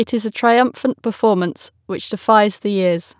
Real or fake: real